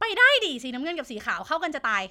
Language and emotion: Thai, happy